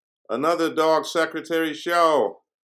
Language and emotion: English, neutral